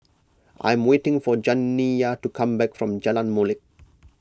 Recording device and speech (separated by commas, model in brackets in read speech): close-talking microphone (WH20), read sentence